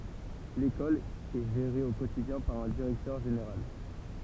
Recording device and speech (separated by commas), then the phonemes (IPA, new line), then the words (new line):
temple vibration pickup, read sentence
lekɔl ɛ ʒeʁe o kotidjɛ̃ paʁ œ̃ diʁɛktœʁ ʒeneʁal
L'école est gérée au quotidien par un directeur général.